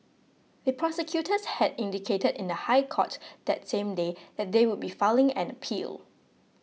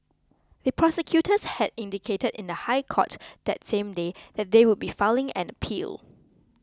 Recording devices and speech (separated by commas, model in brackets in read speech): mobile phone (iPhone 6), close-talking microphone (WH20), read sentence